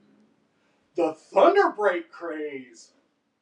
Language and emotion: English, disgusted